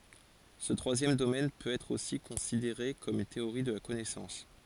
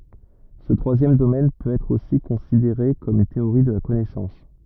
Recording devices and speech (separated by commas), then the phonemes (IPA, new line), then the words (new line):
forehead accelerometer, rigid in-ear microphone, read sentence
sə tʁwazjɛm domɛn pøt ɛtʁ osi kɔ̃sideʁe kɔm yn teoʁi də la kɔnɛsɑ̃s
Ce troisième domaine peut être aussi considéré comme une théorie de la connaissance.